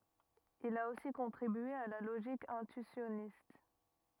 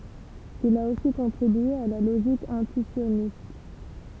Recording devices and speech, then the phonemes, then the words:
rigid in-ear microphone, temple vibration pickup, read sentence
il a osi kɔ̃tʁibye a la loʒik ɛ̃tyisjɔnist
Il a aussi contribué à la logique intuitionniste.

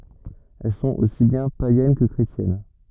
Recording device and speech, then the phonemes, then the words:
rigid in-ear microphone, read sentence
ɛl sɔ̃t osi bjɛ̃ pajɛn kə kʁetjɛn
Elles sont aussi bien païennes que chrétiennes.

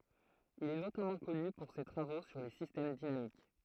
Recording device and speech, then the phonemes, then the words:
throat microphone, read sentence
il ɛ notamɑ̃ kɔny puʁ se tʁavo syʁ le sistɛm dinamik
Il est notamment connu pour ses travaux sur les systèmes dynamiques.

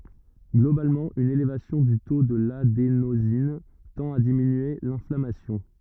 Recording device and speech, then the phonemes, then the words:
rigid in-ear microphone, read sentence
ɡlobalmɑ̃ yn elevasjɔ̃ dy to də ladenozin tɑ̃t a diminye lɛ̃flamasjɔ̃
Globalement, une élévation du taux de l'adénosine tend à diminuer l'inflammation.

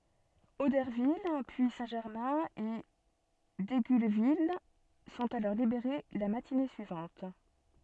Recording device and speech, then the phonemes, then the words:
soft in-ear microphone, read sentence
odɛʁvil pyi sɛ̃tʒɛʁmɛ̃ e diɡylvil sɔ̃t alɔʁ libeʁe la matine syivɑ̃t
Auderville, puis Saint-Germain et Digulleville sont alors libérées la matinée suivante.

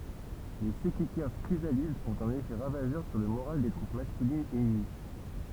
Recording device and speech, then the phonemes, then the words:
temple vibration pickup, read sentence
le sɛkɛkɛʁs kʁizalidz ɔ̃t œ̃n efɛ ʁavaʒœʁ syʁ lə moʁal de tʁup maskylinz ɛnəmi
Les Sekekers chrysalides ont un effet ravageur sur le moral des troupes masculines ennemies.

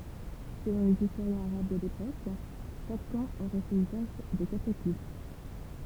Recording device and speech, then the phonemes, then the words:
temple vibration pickup, read sentence
səlɔ̃ lez istoʁjɛ̃z aʁab də lepok ʃak kɑ̃ oʁɛ fɛt yzaʒ də katapylt
Selon les historiens arabes de l'époque, chaque camp aurait fait usage de catapultes.

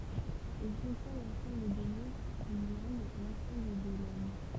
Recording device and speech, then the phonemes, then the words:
temple vibration pickup, read sentence
il kɔ̃tjɛ̃ lɑ̃sɑ̃bl de mo dyn lɑ̃ɡ lɑ̃sɑ̃bl de lɛm
Il contient l’ensemble des mots d’une langue, l’ensemble des lemmes.

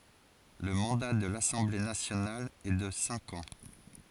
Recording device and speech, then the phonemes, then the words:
forehead accelerometer, read sentence
lə mɑ̃da də lasɑ̃ble nasjonal ɛ də sɛ̃k ɑ̃
Le mandat de l'Assemblée nationale est de cinq ans.

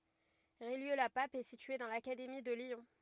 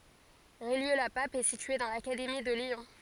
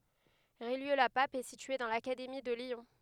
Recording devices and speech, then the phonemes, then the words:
rigid in-ear microphone, forehead accelerometer, headset microphone, read sentence
ʁijjø la pap ɛ sitye dɑ̃ lakademi də ljɔ̃
Rillieux-la-Pape est située dans l'académie de Lyon.

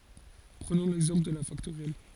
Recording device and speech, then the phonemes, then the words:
forehead accelerometer, read sentence
pʁənɔ̃ lɛɡzɑ̃pl də la faktoʁjɛl
Prenons l'exemple de la factorielle.

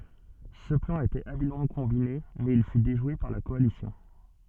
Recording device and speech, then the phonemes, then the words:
soft in-ear microphone, read sentence
sə plɑ̃ etɛt abilmɑ̃ kɔ̃bine mɛz il fy deʒwe paʁ la kɔalisjɔ̃
Ce plan était habilement combiné, mais il fut déjoué par la coalition.

